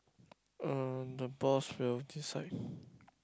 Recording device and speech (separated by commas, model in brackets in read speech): close-talking microphone, conversation in the same room